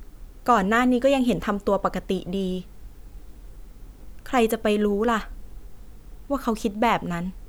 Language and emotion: Thai, sad